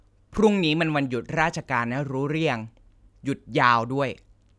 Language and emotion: Thai, frustrated